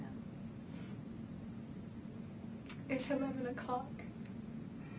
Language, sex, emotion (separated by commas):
English, female, neutral